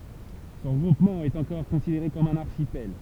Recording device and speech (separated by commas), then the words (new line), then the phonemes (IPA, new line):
temple vibration pickup, read sentence
Ce regroupement est encore considéré comme un archipel.
sə ʁəɡʁupmɑ̃ ɛt ɑ̃kɔʁ kɔ̃sideʁe kɔm œ̃n aʁʃipɛl